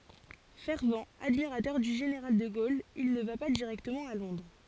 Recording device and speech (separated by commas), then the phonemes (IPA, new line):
forehead accelerometer, read sentence
fɛʁvt admiʁatœʁ dy ʒeneʁal də ɡol il nə va pa diʁɛktəmɑ̃ a lɔ̃dʁ